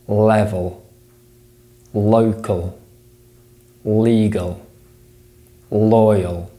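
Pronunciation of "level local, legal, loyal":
Every L in 'level', 'local', 'legal' and 'loyal' is a dark L sound.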